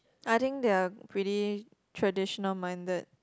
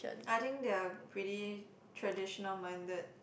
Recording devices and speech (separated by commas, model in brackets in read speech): close-talking microphone, boundary microphone, conversation in the same room